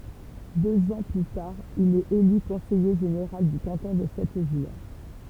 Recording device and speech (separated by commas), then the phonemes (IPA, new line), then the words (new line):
temple vibration pickup, read sentence
døz ɑ̃ ply taʁ il ɛt ely kɔ̃sɛje ʒeneʁal dy kɑ̃tɔ̃ də sɛt vil
Deux ans plus tard, il est élu conseiller général du canton de cette ville.